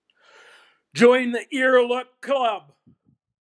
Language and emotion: English, happy